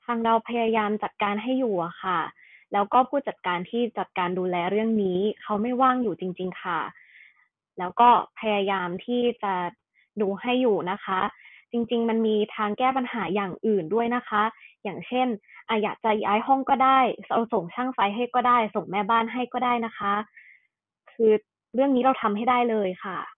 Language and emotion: Thai, sad